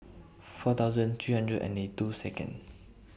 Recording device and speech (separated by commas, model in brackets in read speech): boundary microphone (BM630), read sentence